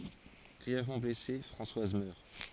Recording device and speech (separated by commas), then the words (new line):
forehead accelerometer, read sentence
Grièvement blessée, Françoise meurt.